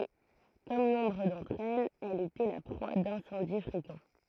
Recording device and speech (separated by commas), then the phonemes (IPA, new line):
throat microphone, read sentence
e kɔm nɔ̃bʁ dɑ̃tʁ ɛlz ɛl etɛ la pʁwa dɛ̃sɑ̃di fʁekɑ̃